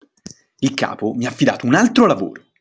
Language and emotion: Italian, angry